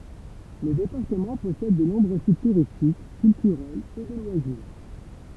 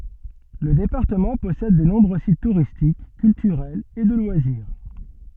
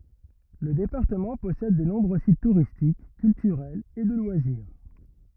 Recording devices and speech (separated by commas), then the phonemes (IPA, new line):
temple vibration pickup, soft in-ear microphone, rigid in-ear microphone, read sentence
lə depaʁtəmɑ̃ pɔsɛd də nɔ̃bʁø sit tuʁistik kyltyʁɛlz e də lwaziʁ